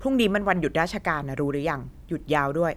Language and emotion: Thai, angry